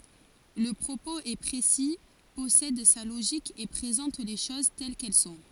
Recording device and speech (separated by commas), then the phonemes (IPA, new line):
forehead accelerometer, read sentence
lə pʁopoz ɛ pʁesi pɔsɛd sa loʒik e pʁezɑ̃t le ʃoz tɛl kɛl sɔ̃